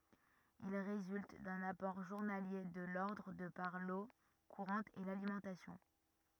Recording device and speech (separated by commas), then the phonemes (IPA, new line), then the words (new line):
rigid in-ear microphone, read sentence
il ʁezylt dœ̃n apɔʁ ʒuʁnalje də lɔʁdʁ də paʁ lo kuʁɑ̃t e lalimɑ̃tasjɔ̃
Il résulte d'un apport journalier de l'ordre de par l'eau courante et l'alimentation.